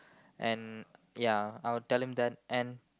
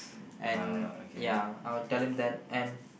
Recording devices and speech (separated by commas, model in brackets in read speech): close-talking microphone, boundary microphone, conversation in the same room